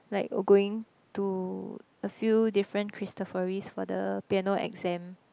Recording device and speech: close-talking microphone, conversation in the same room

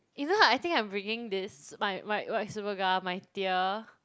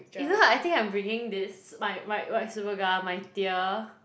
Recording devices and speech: close-talking microphone, boundary microphone, conversation in the same room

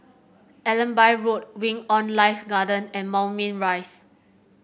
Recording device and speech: boundary microphone (BM630), read sentence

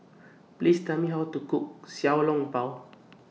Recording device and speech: mobile phone (iPhone 6), read sentence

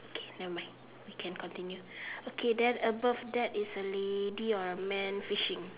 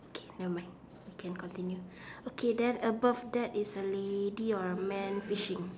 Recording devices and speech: telephone, standing microphone, conversation in separate rooms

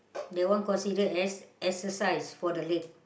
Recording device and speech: boundary microphone, conversation in the same room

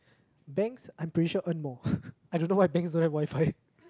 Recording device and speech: close-talking microphone, conversation in the same room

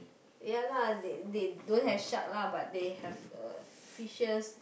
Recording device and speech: boundary microphone, conversation in the same room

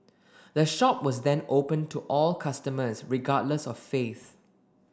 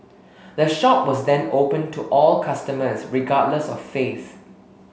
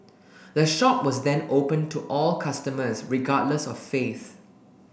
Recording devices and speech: standing microphone (AKG C214), mobile phone (Samsung S8), boundary microphone (BM630), read sentence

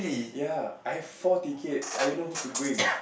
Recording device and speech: boundary microphone, conversation in the same room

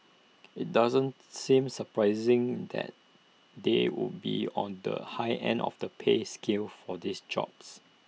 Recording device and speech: mobile phone (iPhone 6), read sentence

